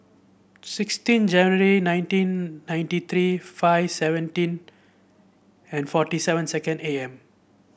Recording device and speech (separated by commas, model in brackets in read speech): boundary microphone (BM630), read sentence